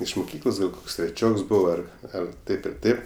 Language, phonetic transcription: Lithuanian, iš muˈkyklos gal ˈkoks treˈčioks ˈbuvo ˈar ˈar ˈtaip ir ˈtaip

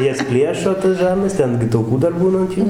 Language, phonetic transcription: Lithuanian, ˈjas ˈpliešo tas ˈžarnas ˈten gi tauˈkų dar ˈbūna ant ˈjų

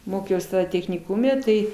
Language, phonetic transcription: Lithuanian, ˈmokiaus techniˈkume ˈtai

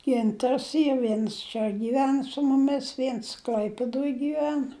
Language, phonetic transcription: Lithuanian, ˈgintars ˈyr ˈviens čia gyˈven su muˈmis ˈviens ˈkl'aipidoj gyˈven

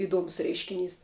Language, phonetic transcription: Lithuanian, iˈduomus ˈreiškinys

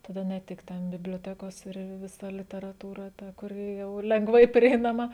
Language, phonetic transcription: Lithuanian, taˈda ne ˈtik ˈten biblioˈtekos ir viˈsa literaˈtūra ˈta kuˈri jau lengˈvai prieinaˈma

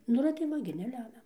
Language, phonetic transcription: Lithuanian, ˈnu ir tai ˈva gi neˈlemia

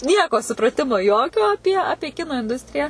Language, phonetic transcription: Lithuanian, ˈnieko supraˈtimo ˈjokio aˈpie ˈapie ˈkino inˈdustrija

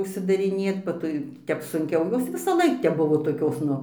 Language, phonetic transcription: Lithuanian, užsidariˈnėt ba tai ˈtep sunˈkiau ˈjos visaˈlaik tep ˈbuvo toˈkios ˈnu

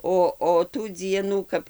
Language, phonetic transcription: Lithuanian, ˈo o tų ˈdzienų ˈkap

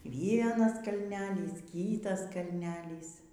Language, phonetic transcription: Lithuanian, ˈvienas kalˈnelys ˈkytas kalˈnelys

